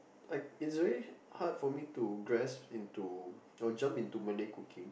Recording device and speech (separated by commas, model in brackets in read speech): boundary microphone, conversation in the same room